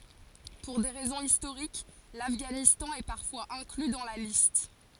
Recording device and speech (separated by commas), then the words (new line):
forehead accelerometer, read sentence
Pour des raisons historiques, l'Afghanistan est parfois inclus dans la liste.